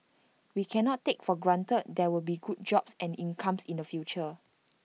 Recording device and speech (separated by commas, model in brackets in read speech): mobile phone (iPhone 6), read sentence